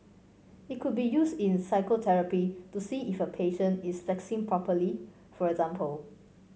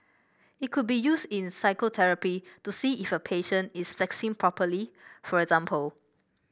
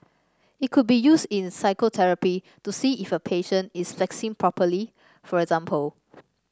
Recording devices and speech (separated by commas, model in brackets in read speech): mobile phone (Samsung C5), boundary microphone (BM630), standing microphone (AKG C214), read sentence